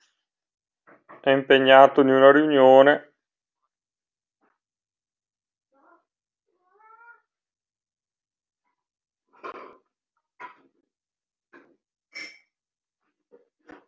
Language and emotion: Italian, disgusted